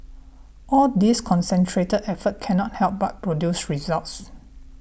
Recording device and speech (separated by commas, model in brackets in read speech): boundary microphone (BM630), read sentence